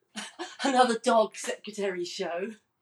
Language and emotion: English, happy